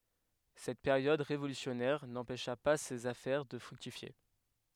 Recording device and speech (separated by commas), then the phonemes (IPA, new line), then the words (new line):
headset microphone, read sentence
sɛt peʁjɔd ʁevolysjɔnɛʁ nɑ̃pɛʃa pa sez afɛʁ də fʁyktifje
Cette période révolutionnaire, n'empêcha pas ses affaires de fructifier.